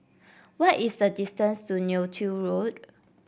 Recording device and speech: boundary microphone (BM630), read sentence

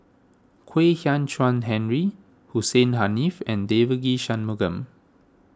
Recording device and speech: standing microphone (AKG C214), read sentence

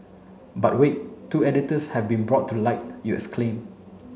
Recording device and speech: mobile phone (Samsung C7), read sentence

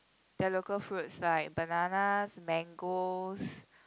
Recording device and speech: close-talking microphone, conversation in the same room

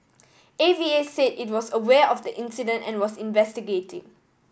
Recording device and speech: boundary microphone (BM630), read sentence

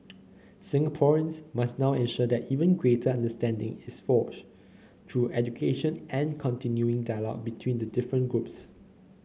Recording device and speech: mobile phone (Samsung C9), read sentence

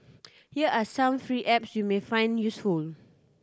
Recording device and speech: standing microphone (AKG C214), read sentence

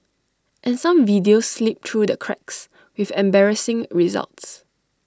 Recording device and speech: standing microphone (AKG C214), read sentence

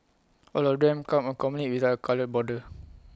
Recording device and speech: close-talking microphone (WH20), read sentence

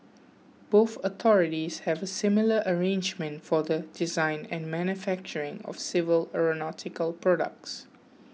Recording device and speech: mobile phone (iPhone 6), read sentence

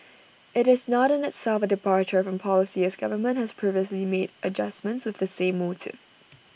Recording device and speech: boundary microphone (BM630), read sentence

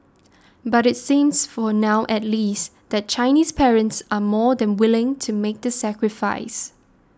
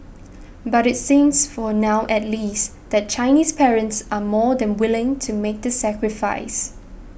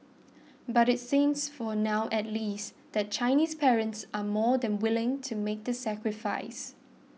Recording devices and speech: standing microphone (AKG C214), boundary microphone (BM630), mobile phone (iPhone 6), read sentence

